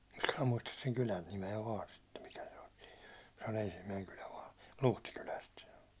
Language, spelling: Finnish, minä muista sen kylän nimeä vain sitten mikä se oli siinä se on ensimmäinen kylä vain Luhtikylästä se on
- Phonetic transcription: minä 'muistas seŋ "kylän nime₍ä "vaan sittem 'mikä se ‿oĺ sɪɪɴ , se o'n ‿ensimmäiŋ kylä vaan̬ , "Luhtikyläst se o .

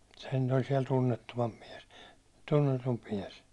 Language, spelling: Finnish, sehän nyt nyt oli siellä tunnettuvampi mies tunnetumpi mies
- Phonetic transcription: sehän nyt nyt ‿oĺ siɛl tunnettuvamp miɛs , 'tunnetump 'miɛs .

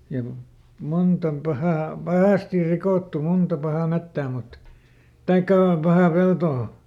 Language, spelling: Finnish, ja kun monta on - pahasti rikottu monta pahaa metsää mutta tai pahaa peltoa
- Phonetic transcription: ja ku , ˈmunt ‿om ˈpahà- , "pahàstir ˈrikòttu "munta pahà ˈmettää mut , "taikkà , ˈpahà ˈpeltoo .

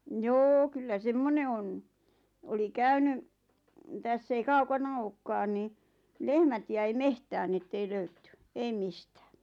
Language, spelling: Finnish, no joo kyllä semmoinen on oli käynyt tässä ei kaukana olekaan niin lehmät jäi metsään no että ei löydetty ei mistään
- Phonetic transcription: 'njoo kyllä "semmone on , 'oli "käyny , täss ‿ei 'kaukana "ookkaan ni , 'lehmät jäi "mehtään ⁿⁱ ettei 'löytty , "eim 'mistᴀ̈ᴀ̈ .

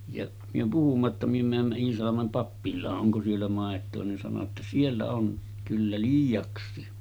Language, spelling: Finnish, ja me puhuimme jotta me menimme Iisalmen pappilaan onko siellä maitoa niin sanoi jotta siellä on kyllä liiaksikin
- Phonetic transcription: jaˀ , myö puhumma ‿tta » myö määmmä 'Iisalamem pappil̆laa’ ’oŋko siellä 'màet̆too « nin sano ‿tta » 'siellä on , kyllä 'liij̆jaks̆sii « .

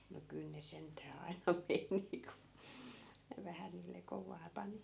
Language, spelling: Finnish, no kyllä ne sentään aina meni kun ne vähän niille kovaa pani
- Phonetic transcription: no 'kyl ne 'sent̀ää ai̮na 'meni ku , ne 'vähä niille 'kovaa 'pani .

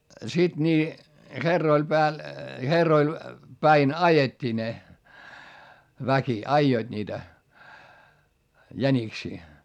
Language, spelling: Finnish, sitten niin herroille päällä herroille päin ajettiin ne väki ajoivat niitä jäniksiä
- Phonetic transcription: siD nii , herroil pääl , herroil , päin ajet́t́ii ne , väki aijoiD niitä , jäniksii .

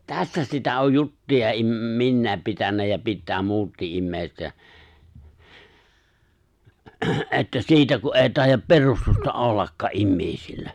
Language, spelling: Finnish, tässä sitä on juttuja - minä pitänyt ja pitää muutkin ihmiset ja että siitä kun ei taida perustusta ollakaan ihmisillä
- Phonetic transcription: 'tässä sitä oj 'juttuja 'im- , 'minnäep pitänä ja 'pittää 'muuttii’ '’immèiset jä , että "siitä ku’ ’èi 'tài̬jjap "perustusta '’ollakkaa’ "’immḙ̀i̬sillä .

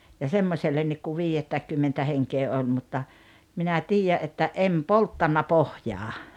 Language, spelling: Finnish, ja semmoisellekin kun viidettäkymmenettä henkeä oli mutta minä tiedän että en polttanut pohjaan
- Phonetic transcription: ja 'semmosellennik kuv 'viijettäikkymmentä 'heŋkee 'oĺ mutta , minä 'tiijä 'että "’em "polttanna "pohjaa .

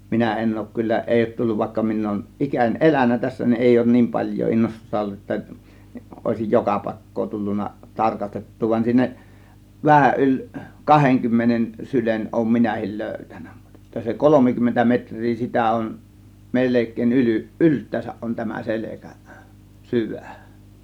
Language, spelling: Finnish, minä en ole kyllä ei ole tullut vaikka minä olen ikäni elänyt tässä niin ei ole niin paljoa innostusta ollut että olisi joka paikkaa tullut tarkastettua vaan siinä vähän yli kahdenkymmenen sylen olen minäkin löytänyt mutta että se kolmekymmentä metriä sitä on melkein - yltäänsä on tämä selkä syvä
- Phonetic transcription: 'minä 'en 'òŭk kyllä , 'ˀèi òŭt 'tulluv vàėkka min ‿òŭn , "ˀikäń "ˀelän̆nä tässä nin , "èi òŭn "niim 'paĺj̆joo 'innostusta 'ollu ‿että , ˀòėsij "joka 'pàėk̀koo tullunna 'tarkastet̀tuu van 'siinä , 'vähäˀ 'ˀyĺ , "kaheŋkymmenen 'sylen ˀòŭm 'minähil "lö̬̀ytÄN̆NÄ (MUtt ‿EttÄ) se "kolomikymmentä 'metŕ̆rii sitä on , 'melek̆kèiˀ ˀyly- , "ˀylt̆tääsäˀ ˀon tämä 'selekä , "syvÄ̀ .

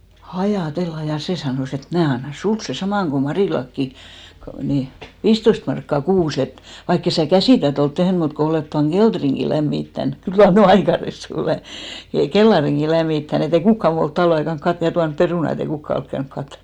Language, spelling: Finnish, ajatella ja se sanoi että että minä annan sinulle sen saman kun Marillakin kun niin viisitoista markkaa kuussa että vaikka et sinä käsitöitä ole tehnyt mutta kun olet tuon kellarinkin lämmittänyt kyllä mar minä nyt aika ressu olen niin kellarinkin lämmittänyt että ei kukaan muu ole talven aikana katsonut ja tuonut perunat että ei kukaan ole käynyt katsomassa
- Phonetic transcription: "ʰajà"tella , ja 'sè sanòs ‿et et » 'mnää anna 'suls sè 'samàŋ ko 'Marìlakki , ko , ni , "viisttoist markka 'kuus ‿et , 'vaikkes sää "käsìtöit ‿olt 'tehn mut ko 'olet tuaŋ "ɢelᴅriŋɢi 'lämmittän « , 'kyl ma(r) mnä̀ ny "aika ressu 'olèn , (nii) 'kellariŋɢi 'lämmittän ‿et't ‿ei "kukka 'muu olt 'talve aikan 'katt(on) ja 'tuanp 'perùna ett ‿ei 'kukka olk käynk 'kattom(as) .

